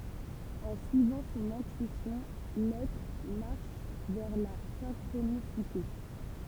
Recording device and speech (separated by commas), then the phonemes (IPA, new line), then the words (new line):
temple vibration pickup, read sentence
ɑ̃ syivɑ̃ sɔ̃n ɛ̃tyisjɔ̃ lɛtʁ maʁʃ vɛʁ la sɛ̃kʁonisite
En suivant son intuition, l'être marche vers la synchronicité.